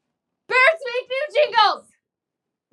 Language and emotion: English, surprised